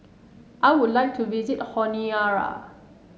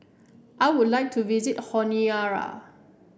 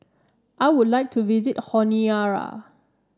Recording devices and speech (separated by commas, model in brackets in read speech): mobile phone (Samsung S8), boundary microphone (BM630), standing microphone (AKG C214), read sentence